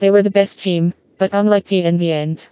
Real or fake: fake